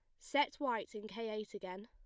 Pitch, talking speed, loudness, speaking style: 215 Hz, 215 wpm, -40 LUFS, plain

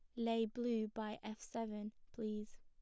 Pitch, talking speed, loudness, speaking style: 220 Hz, 150 wpm, -43 LUFS, plain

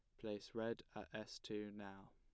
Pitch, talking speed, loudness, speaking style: 105 Hz, 185 wpm, -49 LUFS, plain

